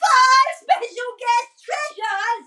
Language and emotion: English, surprised